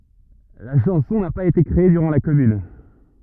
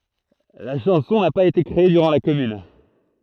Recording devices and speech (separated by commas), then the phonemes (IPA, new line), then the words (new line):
rigid in-ear microphone, throat microphone, read sentence
la ʃɑ̃sɔ̃ na paz ete kʁee dyʁɑ̃ la kɔmyn
La chanson n'a pas été créée durant la Commune.